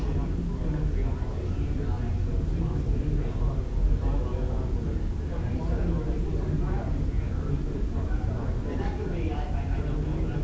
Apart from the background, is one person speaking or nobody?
No one.